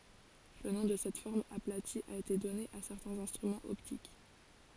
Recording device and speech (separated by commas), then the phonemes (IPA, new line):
forehead accelerometer, read sentence
lə nɔ̃ də sɛt fɔʁm aplati a ete dɔne a sɛʁtɛ̃z ɛ̃stʁymɑ̃z ɔptik